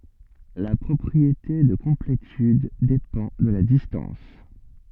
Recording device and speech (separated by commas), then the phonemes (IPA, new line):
soft in-ear microphone, read sentence
la pʁɔpʁiete də kɔ̃pletyd depɑ̃ də la distɑ̃s